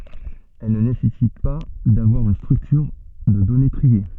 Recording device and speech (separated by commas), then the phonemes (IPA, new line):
soft in-ear microphone, read sentence
ɛl nə nesɛsit pa davwaʁ yn stʁyktyʁ də dɔne tʁie